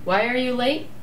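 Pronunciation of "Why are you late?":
The question 'Why are you late?' is said with a falling intonation.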